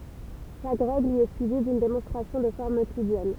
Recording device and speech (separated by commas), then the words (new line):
temple vibration pickup, read sentence
Chaque règle y est suivie d'une démonstration de forme euclidienne.